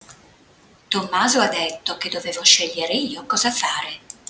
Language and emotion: Italian, neutral